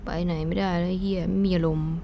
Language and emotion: Thai, frustrated